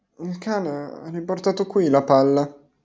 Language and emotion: Italian, sad